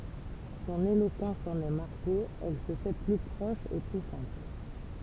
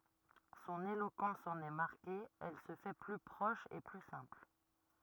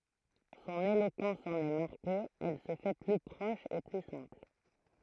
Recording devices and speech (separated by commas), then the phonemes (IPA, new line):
temple vibration pickup, rigid in-ear microphone, throat microphone, read sentence
sɔ̃n elokɑ̃s ɑ̃n ɛ maʁke ɛl sə fɛ ply pʁɔʃ e ply sɛ̃pl